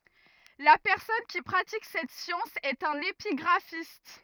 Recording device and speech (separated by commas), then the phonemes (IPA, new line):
rigid in-ear microphone, read sentence
la pɛʁsɔn ki pʁatik sɛt sjɑ̃s ɛt œ̃n epiɡʁafist